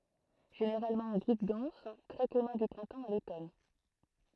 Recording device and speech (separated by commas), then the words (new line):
throat microphone, read sentence
Généralement en groupes denses, très commun du printemps à l'automne.